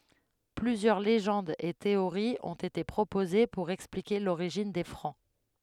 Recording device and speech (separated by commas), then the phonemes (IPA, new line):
headset microphone, read sentence
plyzjœʁ leʒɑ̃dz e teoʁiz ɔ̃t ete pʁopoze puʁ ɛksplike loʁiʒin de fʁɑ̃